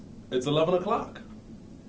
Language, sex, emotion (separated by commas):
English, male, happy